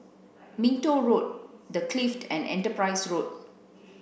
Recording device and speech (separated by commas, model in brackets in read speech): boundary microphone (BM630), read sentence